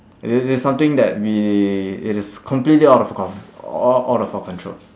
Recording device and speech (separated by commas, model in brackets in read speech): standing microphone, conversation in separate rooms